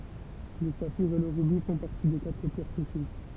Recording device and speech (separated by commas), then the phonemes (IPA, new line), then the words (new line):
temple vibration pickup, read sentence
lə safiʁ e lə ʁybi fɔ̃ paʁti de katʁ pjɛʁ pʁesjøz
Le saphir et le rubis font partie des quatre pierres précieuses.